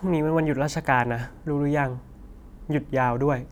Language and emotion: Thai, frustrated